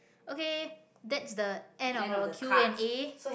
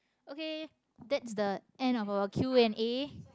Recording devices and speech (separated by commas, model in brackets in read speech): boundary microphone, close-talking microphone, conversation in the same room